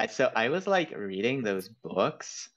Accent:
valley girl accent